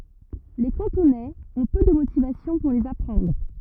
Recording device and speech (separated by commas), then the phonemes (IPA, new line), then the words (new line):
rigid in-ear microphone, read sentence
le kɑ̃tonɛz ɔ̃ pø də motivasjɔ̃ puʁ lez apʁɑ̃dʁ
Les Cantonais ont peu de motivations pour les apprendre.